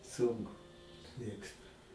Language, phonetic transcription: Lithuanian, ˈsunku ˈmėgstu

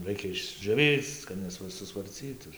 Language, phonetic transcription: Lithuanian, ˈraikia išdžioˈvyc kad ˌnesvasusvarˈcytu

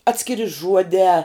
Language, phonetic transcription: Lithuanian, ˈatskiri ˈžuodē

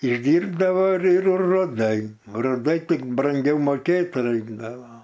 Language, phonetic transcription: Lithuanian, išˈdyrbdavo ir ir ruˈdai ruˈdai ˈtik branˈgiau moˈkėt ˈraikdavo

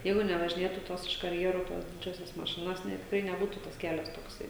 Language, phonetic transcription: Lithuanian, ˈjeigu nevažiˈnėtų ˈtos iš karˈjerų ˈtos ˈdidžiosios maˈšinos ne tikˈrai neˈbūtų tas ˈkelias tokˈsai

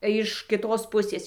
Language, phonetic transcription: Lithuanian, iš kiˈtos ˈpusės

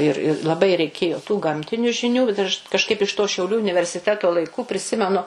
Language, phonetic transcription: Lithuanian, ir i laˈbai reiˈkėjo tų ˈgamtiniu žiˈnių bet aš kažˈkaip iš to šiauˈlių universiˈteto laiˈku priˈsimenu

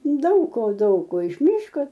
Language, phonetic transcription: Lithuanian, ˈdaug ko ˈdaug ko iš ˈmyško

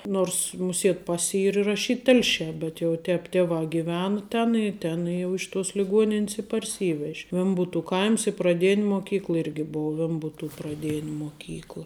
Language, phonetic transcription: Lithuanian, ˈnors muˈsiet ˈpas' ˈyr iraˈšyt ˈtelšē bet jau ˈtēp ˈtėvā giˈvena ˈten i ˈten jau iš tuos liˈguonin's i parˈsyvež' ˈvembutu ˈkaims i praˈdėn' moˈkykla ˈirgi ˈbou ˈvembutų praˈdėn' moˈkykla

